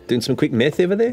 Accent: Kiwi accent